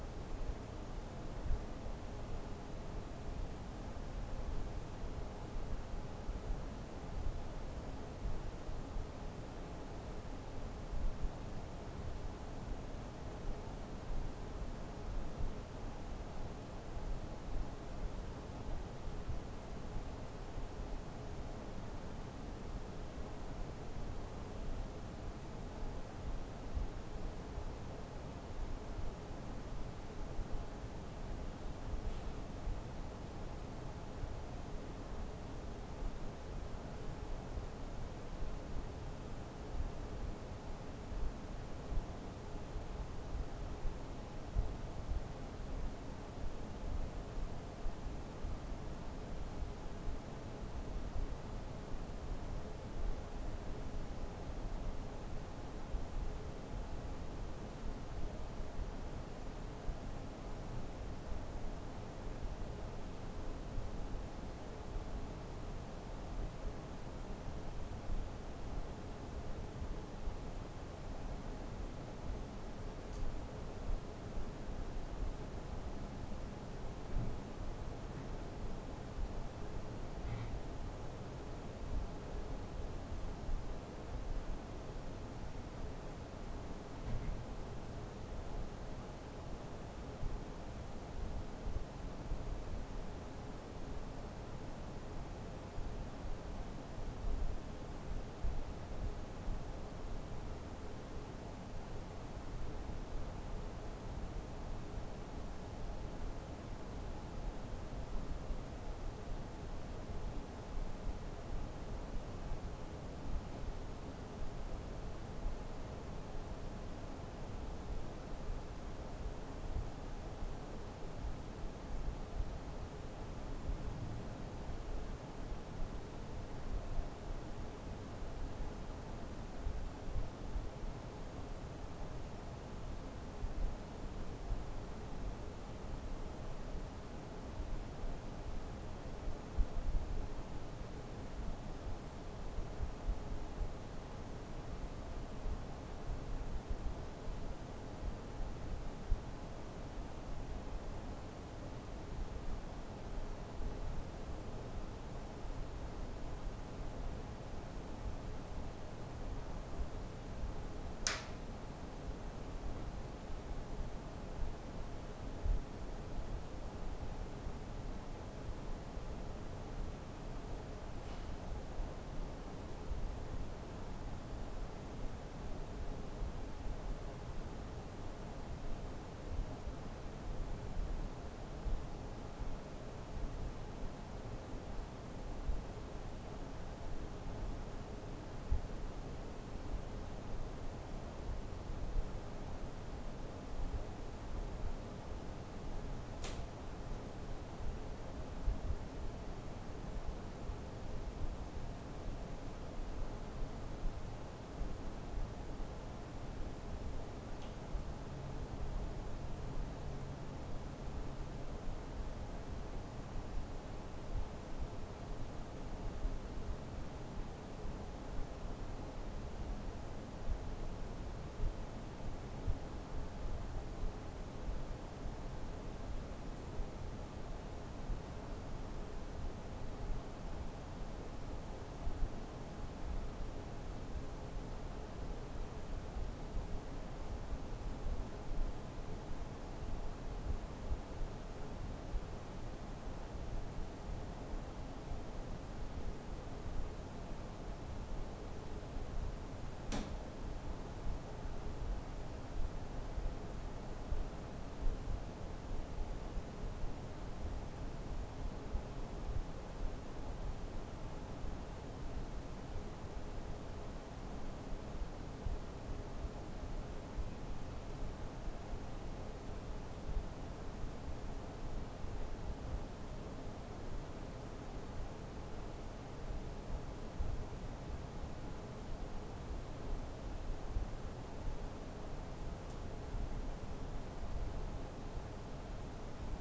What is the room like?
A small room (about 3.7 m by 2.7 m).